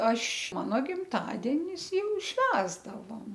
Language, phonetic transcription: Lithuanian, ˈaš ˈmano gimˈtadienis ˈjau ˈšvęsdavom

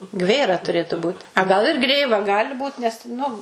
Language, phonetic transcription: Lithuanian, ˈgvėra tuˈrėtu būt a ˈgal ir ˈgrėva ˈgali ˈbūt nes ˈnu

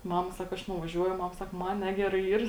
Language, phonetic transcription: Lithuanian, ˈmama ˈsaka ˈaš nuvaˈžiuoju ˈmam ˈsak ˈman ˈnegerai ˈyr

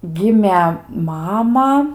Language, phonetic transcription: Lithuanian, ˈgimė ˈmama

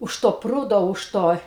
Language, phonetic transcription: Lithuanian, už to ˈprūdo už ˈto

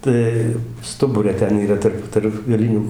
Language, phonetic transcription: Lithuanian, ˈtai ˈstubure ˈten yˈra ˈtarp tarp gaˈlinių

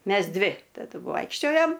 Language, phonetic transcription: Lithuanian, ˈmes ˈdvi taˈdu ˈvoikščiojom

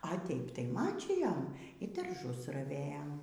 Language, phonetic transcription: Lithuanian, a ˈteip tai ˈmačyjom y darˈžus raˈvėjom

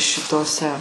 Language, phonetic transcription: Lithuanian, šiˈtose

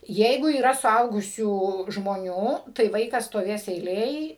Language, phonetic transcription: Lithuanian, ˈjeigu yˈra suˈaugusių žmoˈnių tai ˈvaikas stoˈvės eiˈlėj

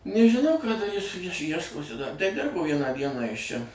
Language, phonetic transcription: Lithuanian, nežiˈnau ka daˈrys ˈjieš ˈjieškosi da ˈdirbo ˈvieną ˈdieną ˈjis ˈčia

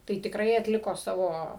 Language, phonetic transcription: Lithuanian, tai tikˈrai atˈliko ˈsavo

